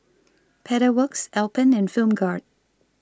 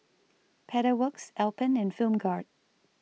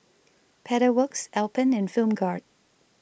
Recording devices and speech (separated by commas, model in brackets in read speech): standing microphone (AKG C214), mobile phone (iPhone 6), boundary microphone (BM630), read sentence